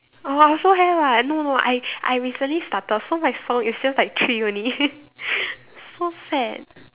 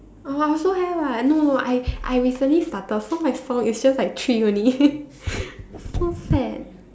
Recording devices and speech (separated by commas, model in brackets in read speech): telephone, standing microphone, conversation in separate rooms